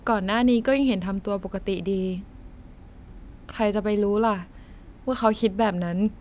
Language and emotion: Thai, neutral